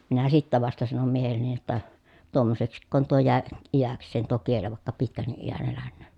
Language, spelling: Finnish, minä sitten vasta sanoin miehelleni jotta tuommoiseksiko tuo jäi iäkseen tuo kieli vaikka pitkänkin iän elänen
- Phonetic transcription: minä sittä vasta sanom miehelleni jotta , » tuommoseksikkoon tuo jä̀e , ijäks̆seen tuo kieli vàekka pitkänniʼ ʼijän elännöön » .

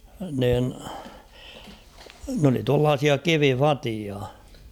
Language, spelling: Finnish, niin ne oli tuollaisia kivivateja
- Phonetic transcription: niin , n ‿oli tuallaasia "kivi'fatia .

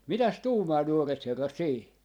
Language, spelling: Finnish, mitäs tuumaa nuoret herrat siihen
- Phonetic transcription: "mitäs 'tuumaa 'nuoret 'herrat 'siihi ?

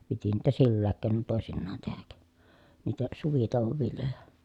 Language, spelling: Finnish, piti niitä sillä keinoin toisinaan tehdä niitä suvitouon viljoja
- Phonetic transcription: piti niitä sillääk keenon tòesinnaan tehäk , niitä suvitòu̬vov viljoja .

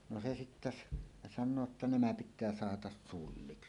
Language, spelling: Finnish, no se sitten - sanoo jotta nämä pitää sahata sulliksl
- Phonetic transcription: no se 'sittä s- , 'san̆noo ‿tta » "nämä "pit̆tää "sahatas 'sulliksl « .

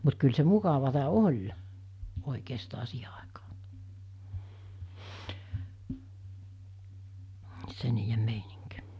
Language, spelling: Finnish, mutta kyllä se mukavaa oli oikeastaan siihen aikaan se niiden meininki
- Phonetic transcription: mut kyl se 'mukavata "oĺ , 'òikeesta 'siihe àekᴀᴀ , se niijem 'meiniŋk .

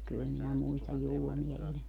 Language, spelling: Finnish, kyllä minä muistan julmia ilmoja
- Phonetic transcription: 'kyl minä 'muistaj "(julmia) 'ilmoja .

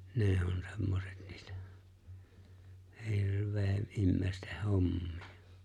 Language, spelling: Finnish, ne on semmoiset niitä - ihmisten hommia
- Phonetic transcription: ne̬e̬ on 'semmoset 'ɴɪɪtᴀ̈ , 'hirv̀ee- 'imme̬e̬ⁱsteh 'hommii₍ᴀ .

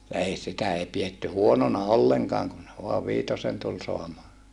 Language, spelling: Finnish, ja ei sitä ei pidetty huonona ollenkaan kun vain viitosen tuli saamaan
- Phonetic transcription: ja ei sitä ei pietty huonona olleŋkaaŋ kun , voav viitosen tul soamaa .

